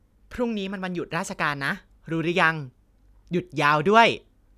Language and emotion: Thai, happy